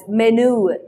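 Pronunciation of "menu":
'Menu' is said in the American accent, with the y sound dropped, so no y sound comes before the u.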